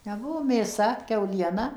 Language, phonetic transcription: Lithuanian, neˈbuvo mėˈsa kiauˈliena

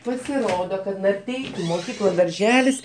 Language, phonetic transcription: Lithuanian, pasiˈrodo kad narˈteikiu moˈkykla darˈželis

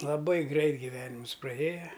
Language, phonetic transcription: Lithuanian, laˈbai ˈgreit giˈvenimus praˈėja

